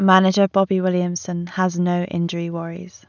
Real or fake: real